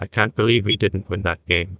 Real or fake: fake